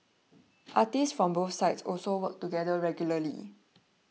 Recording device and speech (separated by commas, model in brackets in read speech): mobile phone (iPhone 6), read sentence